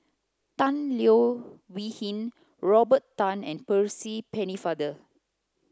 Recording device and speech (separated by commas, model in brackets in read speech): close-talking microphone (WH30), read sentence